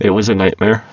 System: VC, spectral filtering